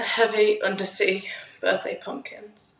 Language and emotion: English, fearful